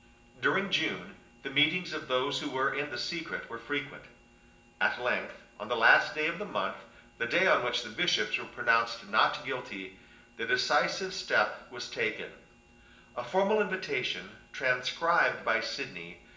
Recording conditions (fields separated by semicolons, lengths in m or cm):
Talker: one person; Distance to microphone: 1.8 m; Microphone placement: close; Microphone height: 1.0 m; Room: large; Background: none